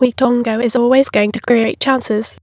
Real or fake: fake